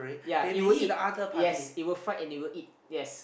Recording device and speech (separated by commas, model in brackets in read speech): boundary microphone, conversation in the same room